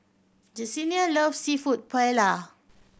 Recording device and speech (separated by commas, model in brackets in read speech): boundary microphone (BM630), read sentence